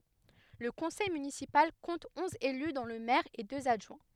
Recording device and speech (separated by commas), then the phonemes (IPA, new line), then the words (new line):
headset microphone, read sentence
lə kɔ̃sɛj mynisipal kɔ̃t ɔ̃z ely dɔ̃ lə mɛʁ e døz adʒwɛ̃
Le conseil municipal compte onze élus dont le maire et deux adjoints.